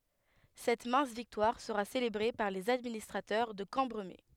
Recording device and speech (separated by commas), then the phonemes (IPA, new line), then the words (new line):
headset microphone, read sentence
sɛt mɛ̃s viktwaʁ səʁa selebʁe paʁ lez administʁatœʁ də kɑ̃bʁəme
Cette mince victoire sera célébrée par les administrateurs de Cambremer.